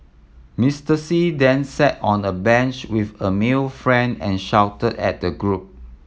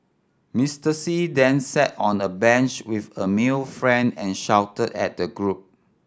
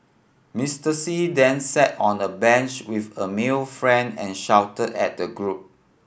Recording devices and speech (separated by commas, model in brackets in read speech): mobile phone (iPhone 7), standing microphone (AKG C214), boundary microphone (BM630), read sentence